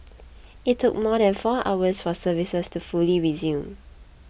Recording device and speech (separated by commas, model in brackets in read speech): boundary microphone (BM630), read sentence